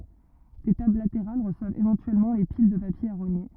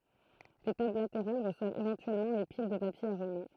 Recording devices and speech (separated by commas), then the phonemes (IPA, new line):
rigid in-ear microphone, throat microphone, read sentence
de tabl lateʁal ʁəswavt evɑ̃tyɛlmɑ̃ le pil də papje a ʁoɲe